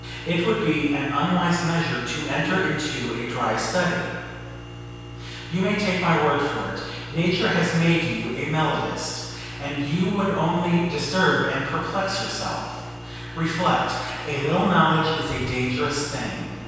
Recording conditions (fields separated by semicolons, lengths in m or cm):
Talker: one person; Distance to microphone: 7.1 m; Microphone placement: far; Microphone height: 1.7 m; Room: very reverberant, large; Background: none